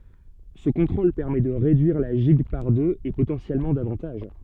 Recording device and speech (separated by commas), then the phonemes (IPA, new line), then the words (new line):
soft in-ear microphone, read sentence
sə kɔ̃tʁol pɛʁmɛ də ʁedyiʁ la ʒiɡ paʁ døz e potɑ̃sjɛlmɑ̃ davɑ̃taʒ
Ce contrôle permet de réduire la gigue par deux, et potentiellement davantage.